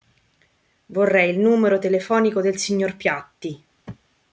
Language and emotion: Italian, neutral